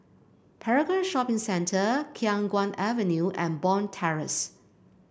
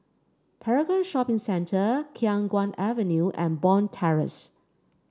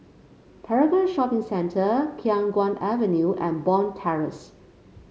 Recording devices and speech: boundary microphone (BM630), standing microphone (AKG C214), mobile phone (Samsung C5), read sentence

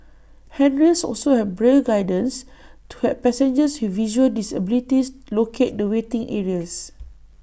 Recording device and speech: boundary microphone (BM630), read sentence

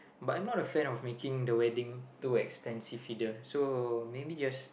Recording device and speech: boundary microphone, conversation in the same room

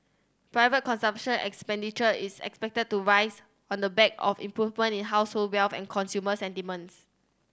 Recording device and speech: standing microphone (AKG C214), read sentence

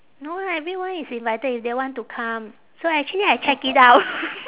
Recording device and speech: telephone, conversation in separate rooms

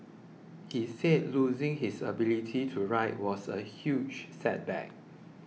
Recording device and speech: mobile phone (iPhone 6), read sentence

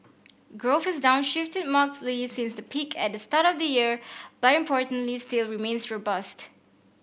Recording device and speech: boundary microphone (BM630), read sentence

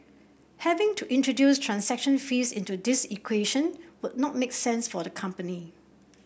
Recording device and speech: boundary microphone (BM630), read sentence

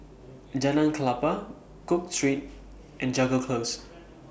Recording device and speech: boundary microphone (BM630), read sentence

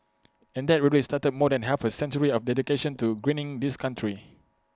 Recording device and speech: close-talking microphone (WH20), read sentence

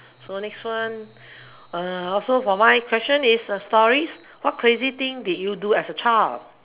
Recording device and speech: telephone, conversation in separate rooms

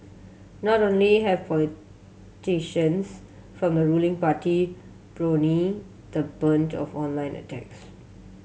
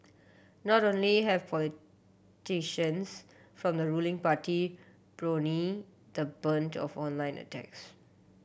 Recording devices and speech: mobile phone (Samsung C7100), boundary microphone (BM630), read sentence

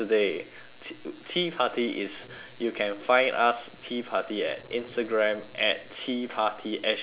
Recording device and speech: telephone, conversation in separate rooms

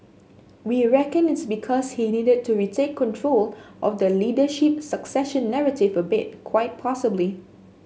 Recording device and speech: mobile phone (Samsung S8), read sentence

